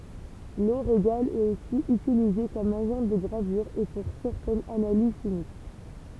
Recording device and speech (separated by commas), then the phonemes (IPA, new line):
temple vibration pickup, read sentence
lo ʁeɡal ɛt osi ytilize kɔm aʒɑ̃ də ɡʁavyʁ e puʁ sɛʁtɛnz analiz ʃimik